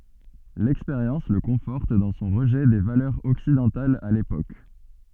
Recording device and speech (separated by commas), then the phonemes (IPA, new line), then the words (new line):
soft in-ear microphone, read sentence
lɛkspeʁjɑ̃s lə kɔ̃fɔʁt dɑ̃ sɔ̃ ʁəʒɛ de valœʁz ɔksidɑ̃talz a lepok
L'expérience le conforte dans son rejet des valeurs occidentales à l'époque.